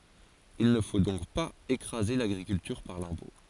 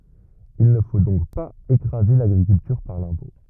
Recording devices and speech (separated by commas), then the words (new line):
forehead accelerometer, rigid in-ear microphone, read sentence
Il ne faut donc pas écraser l'agriculture par l'impôt.